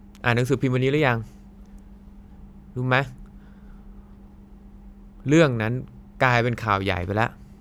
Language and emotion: Thai, frustrated